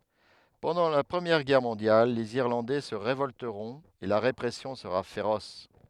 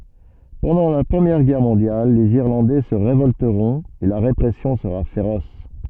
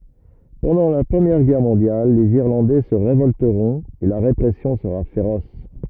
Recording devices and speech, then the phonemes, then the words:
headset microphone, soft in-ear microphone, rigid in-ear microphone, read sentence
pɑ̃dɑ̃ la pʁəmjɛʁ ɡɛʁ mɔ̃djal lez iʁlɑ̃dɛ sə ʁevɔltəʁɔ̃t e la ʁepʁɛsjɔ̃ səʁa feʁɔs
Pendant la Première Guerre mondiale, les Irlandais se révolteront et la répression sera féroce.

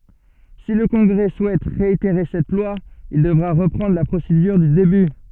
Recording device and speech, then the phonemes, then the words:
soft in-ear microphone, read sentence
si lə kɔ̃ɡʁɛ suɛt ʁeiteʁe sɛt lwa il dəvʁa ʁəpʁɑ̃dʁ la pʁosedyʁ dy deby
Si le Congrès souhaite réitérer cette loi, il devra reprendre la procédure du début.

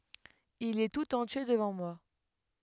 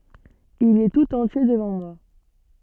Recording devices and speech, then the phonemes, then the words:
headset microphone, soft in-ear microphone, read sentence
il ɛ tut ɑ̃tje dəvɑ̃ mwa
Il est tout entier devant moi.

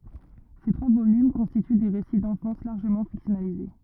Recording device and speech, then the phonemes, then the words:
rigid in-ear microphone, read sentence
se tʁwa volym kɔ̃stity de ʁesi dɑ̃fɑ̃s laʁʒəmɑ̃ fiksjɔnalize
Ces trois volumes constituent des récits d'enfance largement fictionnalisés.

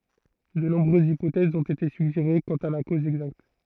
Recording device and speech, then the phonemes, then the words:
throat microphone, read sentence
də nɔ̃bʁøzz ipotɛzz ɔ̃t ete syɡʒeʁe kɑ̃t a la koz ɛɡzakt
De nombreuses hypothèses ont été suggérées quant à la cause exacte.

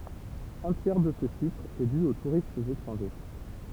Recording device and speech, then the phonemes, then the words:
temple vibration pickup, read sentence
œ̃ tjɛʁ də sə ʃifʁ ɛ dy o tuʁistz etʁɑ̃ʒe
Un tiers de ce chiffre est dû aux touristes étrangers.

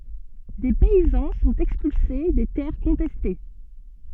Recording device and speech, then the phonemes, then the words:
soft in-ear microphone, read sentence
de pɛizɑ̃ sɔ̃t ɛkspylse de tɛʁ kɔ̃tɛste
Des paysans sont expulsés des terres contestées.

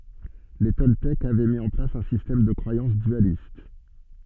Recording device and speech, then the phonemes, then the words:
soft in-ear microphone, read sentence
le tɔltɛkz avɛ mi ɑ̃ plas œ̃ sistɛm də kʁwajɑ̃s dyalist
Les Toltèques avaient mis en place un système de croyance dualiste.

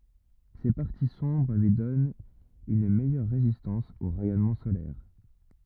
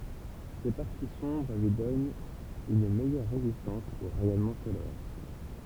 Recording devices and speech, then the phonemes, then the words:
rigid in-ear microphone, temple vibration pickup, read sentence
se paʁti sɔ̃bʁ lyi dɔnt yn mɛjœʁ ʁezistɑ̃s o ʁɛjɔnmɑ̃ solɛʁ
Ces parties sombres lui donnent une meilleure résistance aux rayonnement solaires.

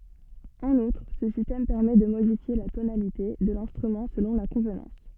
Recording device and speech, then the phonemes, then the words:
soft in-ear microphone, read sentence
ɑ̃n utʁ sə sistɛm pɛʁmɛ də modifje la tonalite də lɛ̃stʁymɑ̃ səlɔ̃ la kɔ̃vnɑ̃s
En outre, ce système permet de modifier la tonalité de l'instrument selon la convenance.

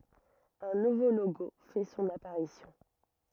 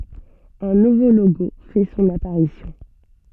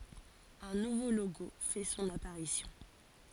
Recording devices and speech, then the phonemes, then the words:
rigid in-ear microphone, soft in-ear microphone, forehead accelerometer, read sentence
œ̃ nuvo loɡo fɛ sɔ̃n apaʁisjɔ̃
Un nouveau logo fait son apparition.

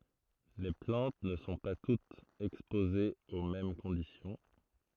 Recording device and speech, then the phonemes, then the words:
throat microphone, read sentence
le plɑ̃t nə sɔ̃ pa tutz ɛkspozez o mɛm kɔ̃disjɔ̃
Les plantes ne sont pas toutes exposées aux mêmes conditions.

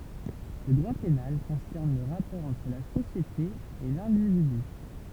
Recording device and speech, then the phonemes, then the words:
temple vibration pickup, read sentence
lə dʁwa penal kɔ̃sɛʁn lə ʁapɔʁ ɑ̃tʁ la sosjete e lɛ̃dividy
Le droit pénal concerne le rapport entre la société et l'individu.

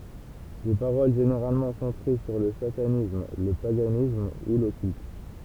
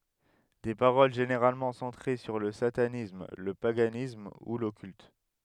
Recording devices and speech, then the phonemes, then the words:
temple vibration pickup, headset microphone, read sentence
de paʁol ʒeneʁalmɑ̃ sɑ̃tʁe syʁ lə satanism lə paɡanism u lɔkylt
Des paroles généralement centrées sur le satanisme, le paganisme, ou l'occulte.

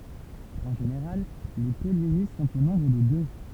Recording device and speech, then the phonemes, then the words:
temple vibration pickup, read sentence
ɑ̃ ʒeneʁal le pɔlini sɔ̃t o nɔ̃bʁ də dø
En général, les pollinies sont au nombre de deux.

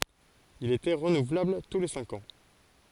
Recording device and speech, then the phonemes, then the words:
forehead accelerometer, read sentence
il etɛ ʁənuvlabl tu le sɛ̃k ɑ̃
Il était renouvelable tous les cinq ans.

